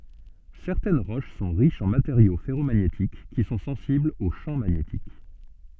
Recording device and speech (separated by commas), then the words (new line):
soft in-ear microphone, read sentence
Certaines roches sont riches en matériaux ferromagnétiques, qui sont sensibles au champ magnétique.